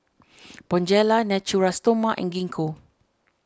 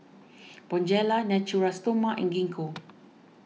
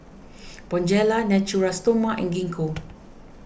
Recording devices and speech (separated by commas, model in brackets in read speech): standing microphone (AKG C214), mobile phone (iPhone 6), boundary microphone (BM630), read sentence